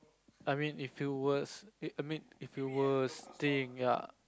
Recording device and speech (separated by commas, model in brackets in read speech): close-talking microphone, conversation in the same room